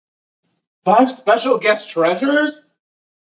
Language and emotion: English, surprised